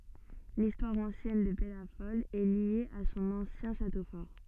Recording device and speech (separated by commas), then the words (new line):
soft in-ear microphone, read sentence
L'histoire ancienne de Pellafol est liée à son ancien château fort.